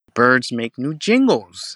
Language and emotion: English, angry